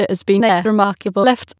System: TTS, waveform concatenation